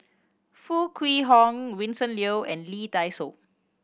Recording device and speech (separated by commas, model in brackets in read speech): boundary microphone (BM630), read sentence